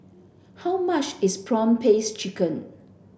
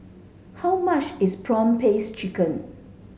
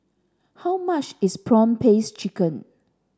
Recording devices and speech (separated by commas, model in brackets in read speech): boundary microphone (BM630), mobile phone (Samsung S8), standing microphone (AKG C214), read sentence